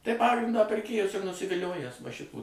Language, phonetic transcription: Lithuanian, tai ˈpagrindą pirˈkėjus ir nusiviˈliojęs va ˈšitų

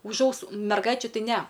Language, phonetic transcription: Lithuanian, už ˈausų merˈgaičių ˈtai ˈne

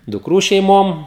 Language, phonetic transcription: Lithuanian, dukˈrų šeiˈmom

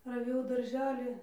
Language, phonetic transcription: Lithuanian, raˈvėjau darˈželį

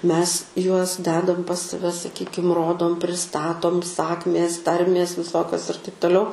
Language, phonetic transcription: Lithuanian, ˈmes ˈjuos ˈdedam pas saˈve saˈkykim ˈrodom priˈstatom ˈsakmės ˈtarmės viˈsokios ir taip toˈliau

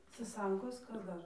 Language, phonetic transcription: Lithuanian, saˈsankos ˈkas ˈdar

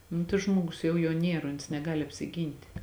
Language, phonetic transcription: Lithuanian, ˈnu tai ˈžmogus ˈjau juo ˈnier ons neˈgali apsiˈgynti

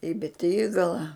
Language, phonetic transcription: Lithuanian, į beˈtygala

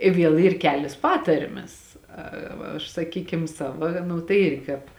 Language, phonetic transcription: Lithuanian, i ˈviel ˈyr ˈkelės ˈpatarmes a ˈva aš saˈkykim ˈsava ˈnu tai ˈirgi kāp

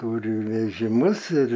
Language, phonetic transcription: Lithuanian, ˈtūri vežiˈmus ir

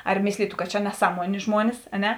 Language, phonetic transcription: Lithuanian, ar ˈmėslytu kad čia neˈsaˌmuonė ˈžmuonis a ˈne

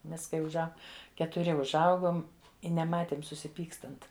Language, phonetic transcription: Lithuanian, ˈmes kai užˈau ketuˈri užˈaugom i neˈmatėm susiˈpykstant

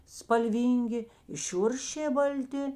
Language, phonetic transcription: Lithuanian, spalˈvyngi i ˈšiuršė balˈti

